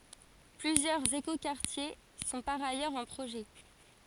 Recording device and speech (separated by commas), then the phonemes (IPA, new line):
forehead accelerometer, read sentence
plyzjœʁz ekokaʁtje sɔ̃ paʁ ajœʁz ɑ̃ pʁoʒɛ